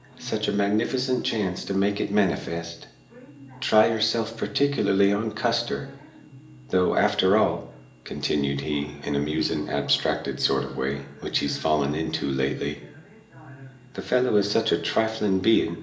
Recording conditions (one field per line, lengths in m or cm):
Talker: one person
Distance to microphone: 1.8 m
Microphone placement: close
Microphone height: 1.0 m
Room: large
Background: television